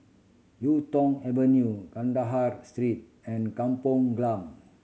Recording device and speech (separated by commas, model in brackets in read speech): mobile phone (Samsung C7100), read sentence